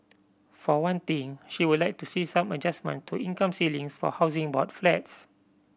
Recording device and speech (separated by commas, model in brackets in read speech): boundary microphone (BM630), read sentence